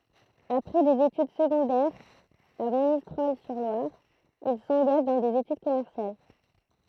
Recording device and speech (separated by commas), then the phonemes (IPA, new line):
throat microphone, read sentence
apʁɛ dez etyd səɡɔ̃dɛʁz a monistʁɔl syʁ lwaʁ il sɑ̃ɡaʒ dɑ̃ dez etyd kɔmɛʁsjal